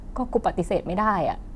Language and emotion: Thai, frustrated